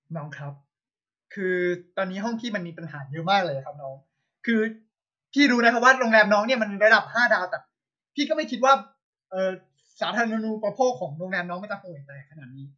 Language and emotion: Thai, frustrated